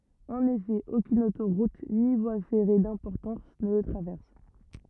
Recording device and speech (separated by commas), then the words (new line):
rigid in-ear microphone, read sentence
En effet, aucune autoroute ni voie ferrée d'importance ne le traverse.